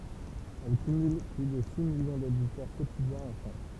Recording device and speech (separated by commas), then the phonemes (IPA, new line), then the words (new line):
temple vibration pickup, read sentence
ɛl kymyl ply də si miljɔ̃ doditœʁ kotidjɛ̃z ɑ̃ fʁɑ̃s
Elle cumule plus de six millions d'auditeurs quotidiens en France.